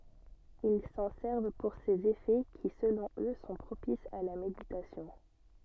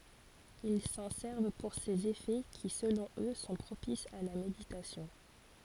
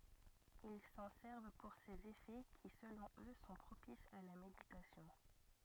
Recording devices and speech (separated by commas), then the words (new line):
soft in-ear microphone, forehead accelerometer, rigid in-ear microphone, read sentence
Ils s'en servent pour ses effets qui, selon eux, sont propices à la méditation.